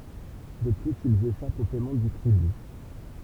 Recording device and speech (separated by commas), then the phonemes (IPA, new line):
temple vibration pickup, read sentence
də plyz ilz eʃapt o pɛmɑ̃ dy tʁiby